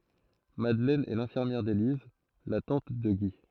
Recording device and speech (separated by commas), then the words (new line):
throat microphone, read sentence
Madeleine est l'infirmière d’Élise, la tante de Guy.